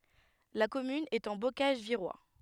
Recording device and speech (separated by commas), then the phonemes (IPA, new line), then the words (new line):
headset microphone, read sentence
la kɔmyn ɛt ɑ̃ bokaʒ viʁwa
La commune est en Bocage virois.